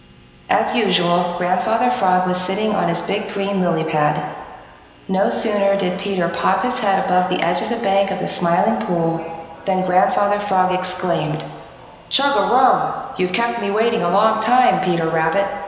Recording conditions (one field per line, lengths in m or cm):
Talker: one person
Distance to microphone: 1.7 m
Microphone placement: close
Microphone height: 1.0 m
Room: very reverberant, large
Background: television